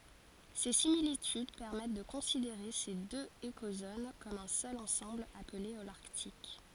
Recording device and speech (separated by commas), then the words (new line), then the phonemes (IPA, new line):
forehead accelerometer, read sentence
Ces similitudes permettent de considérer ces deux écozones comme un seul ensemble appelé Holarctique.
se similityd pɛʁmɛt də kɔ̃sideʁe se døz ekozon kɔm œ̃ sœl ɑ̃sɑ̃bl aple olaʁtik